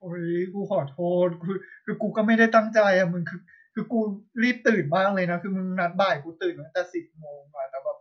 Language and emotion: Thai, sad